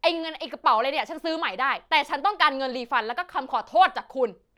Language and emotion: Thai, angry